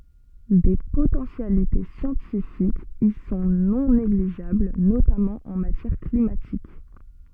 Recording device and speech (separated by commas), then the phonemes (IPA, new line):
soft in-ear microphone, read sentence
de potɑ̃sjalite sjɑ̃tifikz i sɔ̃ nɔ̃ neɡliʒabl notamɑ̃ ɑ̃ matjɛʁ klimatik